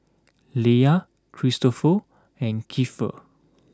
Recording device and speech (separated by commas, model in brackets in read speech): close-talking microphone (WH20), read sentence